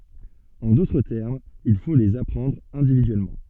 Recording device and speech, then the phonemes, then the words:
soft in-ear microphone, read sentence
ɑ̃ dotʁ tɛʁmz il fo lez apʁɑ̃dʁ ɛ̃dividyɛlmɑ̃
En d'autres termes, il faut les apprendre individuellement.

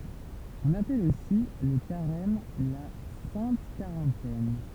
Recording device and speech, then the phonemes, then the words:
temple vibration pickup, read sentence
ɔ̃n apɛl osi lə kaʁɛm la sɛ̃t kaʁɑ̃tɛn
On appelle aussi le Carême la Sainte Quarantaine.

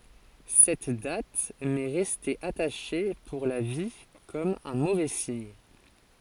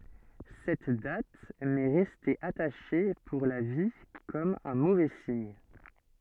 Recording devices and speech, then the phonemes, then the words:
forehead accelerometer, soft in-ear microphone, read sentence
sɛt dat mɛ ʁɛste ataʃe puʁ la vi kɔm œ̃ movɛ siɲ
Cette date m'est restée attachée pour la vie comme un mauvais signe.

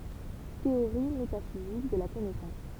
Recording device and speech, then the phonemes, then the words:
temple vibration pickup, read sentence
teoʁi metafizik də la kɔnɛsɑ̃s
Théorie métaphysique de la connaissance.

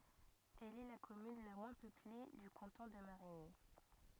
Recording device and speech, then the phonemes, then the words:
rigid in-ear microphone, read sentence
ɛl ɛ la kɔmyn la mwɛ̃ pøple dy kɑ̃tɔ̃ də maʁiɲi
Elle est la commune la moins peuplée du canton de Marigny.

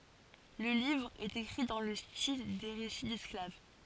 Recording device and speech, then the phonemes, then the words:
forehead accelerometer, read sentence
lə livʁ ɛt ekʁi dɑ̃ lə stil de ʁesi dɛsklav
Le livre est écrit dans le style des récits d'esclave.

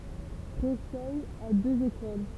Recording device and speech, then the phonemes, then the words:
temple vibration pickup, read sentence
pʁesɛ a døz ekol
Précey a deux écoles.

